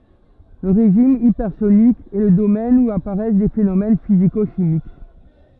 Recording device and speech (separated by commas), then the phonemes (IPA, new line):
rigid in-ear microphone, read sentence
lə ʁeʒim ipɛʁsonik ɛ lə domɛn u apaʁɛs de fenomɛn fiziko ʃimik